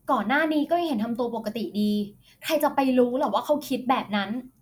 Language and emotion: Thai, frustrated